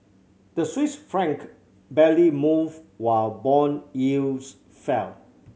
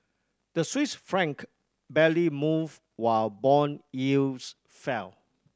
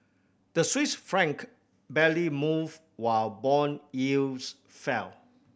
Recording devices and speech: mobile phone (Samsung C7100), standing microphone (AKG C214), boundary microphone (BM630), read sentence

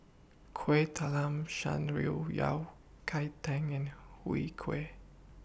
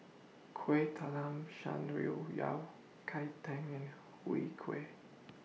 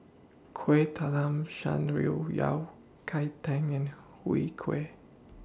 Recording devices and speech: boundary microphone (BM630), mobile phone (iPhone 6), standing microphone (AKG C214), read sentence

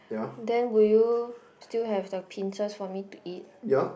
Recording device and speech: boundary microphone, conversation in the same room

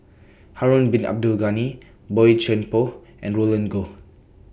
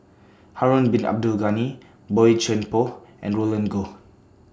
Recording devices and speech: boundary microphone (BM630), standing microphone (AKG C214), read sentence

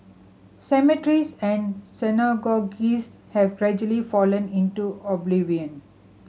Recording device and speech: mobile phone (Samsung C7100), read sentence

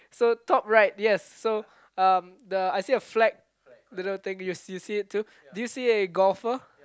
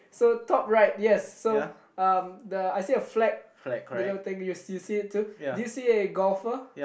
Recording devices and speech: close-talking microphone, boundary microphone, conversation in the same room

